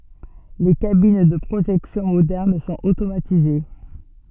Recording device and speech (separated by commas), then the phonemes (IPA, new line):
soft in-ear microphone, read sentence
le kabin də pʁoʒɛksjɔ̃ modɛʁn sɔ̃t otomatize